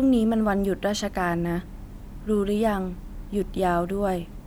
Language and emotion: Thai, neutral